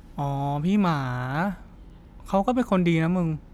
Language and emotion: Thai, neutral